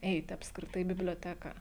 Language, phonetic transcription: Lithuanian, ˈeiti apskriˈtai i biblioˈteka

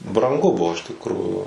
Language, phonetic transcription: Lithuanian, branˈgu ˈbuvo iš tikˈrųjų

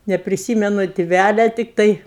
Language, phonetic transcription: Lithuanian, nepriˈsymenu tiˈvælia tikˈtai

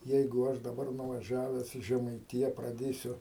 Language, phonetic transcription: Lithuanian, ˈjeigu ˈaš daˈbar nuvaˈžiaves į žemaiˈtija praˈdėsiu

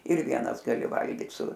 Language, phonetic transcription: Lithuanian, ir ˈvienas gaˈli ˈvalgyt su

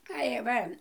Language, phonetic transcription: Lithuanian, tai ˈva

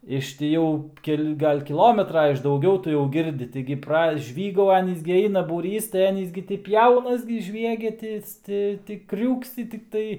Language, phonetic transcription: Lithuanian, iš ti ˈjau ˈkel' ˈgal' kiˈlometra iš dauˈgiau ˈtu jau ˈgirdi ˈtaigi praˈžvygau ˈanys gi ˈaina būˈrys tai ˈanys gi ti ˈpjaunas gi ˈžviegia ˈtis ˈti ˈtį ˈkriūksi tikˈtai

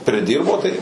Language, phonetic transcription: Lithuanian, priˈdyrbo tai

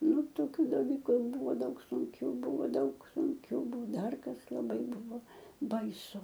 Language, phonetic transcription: Lithuanian, ˈnu toˈkių daˈlyku ˈbuvo ˈdaug sunˈkiu ˈbuvo ˈdaug sunˈkiu ˈbuo ˈdar ˈkas laˈbai ˈbuvo baiˈsu

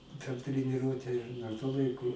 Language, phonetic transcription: Lithuanian, per treniˈruote dar tuo ˈlaiku

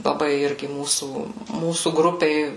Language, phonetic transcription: Lithuanian, laˈbai ˈirgi ˈmūsų ˈmūsų grupėj

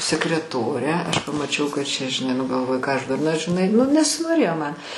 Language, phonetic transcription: Lithuanian, sekreˈtore ˈaš pamaˈčiau kad ˈčia žiˈnai ˈnu galˈvoju ˈką aš durˈna žiˈnai ˈnu nesinoˈrėjo ˈman

